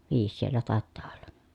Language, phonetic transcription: Finnish, viis siellä tàettaa olLA .
- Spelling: viisi siellä taitaa olla

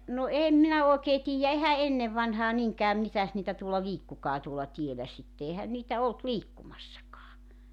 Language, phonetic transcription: Finnish, no 'eem minä 'òekee 'tiijjä 'ehä "ennev vanhaa 'niŋkää 'mitäs niitä tuolla "liikkukaa tuola 'tielä sitte 'ehän niitä "olt "liikkumassakaa .
- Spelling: no en minä oikein tiedä eihän ennen vanhaan niinkään mitäs niitä tuolla liikkuikaan tuolla tiellä sitten eihän niitä ollut liikkumassakaan

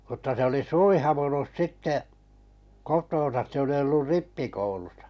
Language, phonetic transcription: Finnish, mutta 'se oli "suih̳avunus 'sitte , 'kotoon̬sas se oli ollur "rippikoulusᴀ .
- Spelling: mutta se oli suivaantunut sitten kotoonsa se oli ollut rippikoulussa

